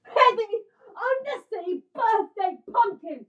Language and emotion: English, angry